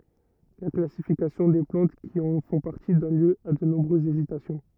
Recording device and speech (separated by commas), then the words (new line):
rigid in-ear microphone, read sentence
La classification des plantes qui en font partie donne lieu a de nombreuses hésitations.